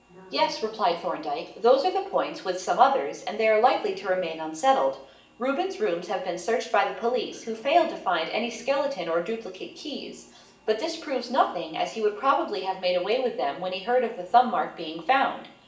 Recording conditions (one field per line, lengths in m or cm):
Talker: one person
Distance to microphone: 1.8 m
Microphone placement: close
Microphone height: 1.0 m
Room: large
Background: television